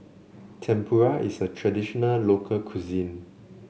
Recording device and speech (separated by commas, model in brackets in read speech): mobile phone (Samsung C7), read sentence